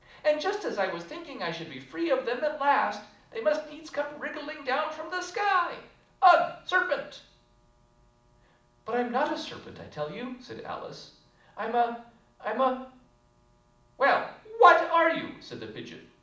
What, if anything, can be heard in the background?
Nothing.